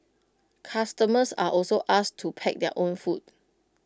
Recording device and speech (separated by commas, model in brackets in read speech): close-talking microphone (WH20), read sentence